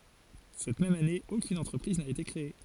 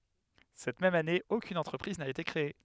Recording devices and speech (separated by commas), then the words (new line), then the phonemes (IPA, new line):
forehead accelerometer, headset microphone, read sentence
Cette même année, aucune entreprise n’a été créée.
sɛt mɛm ane okyn ɑ̃tʁəpʁiz na ete kʁee